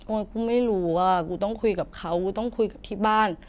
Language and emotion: Thai, frustrated